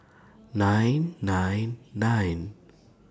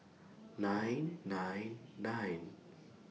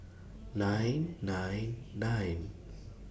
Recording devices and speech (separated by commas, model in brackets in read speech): standing microphone (AKG C214), mobile phone (iPhone 6), boundary microphone (BM630), read sentence